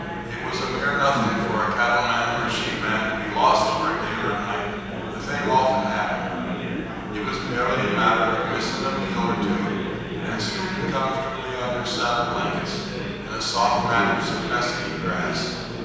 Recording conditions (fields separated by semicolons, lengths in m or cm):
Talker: one person; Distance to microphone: 7.1 m; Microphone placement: far; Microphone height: 1.7 m; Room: very reverberant, large; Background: babble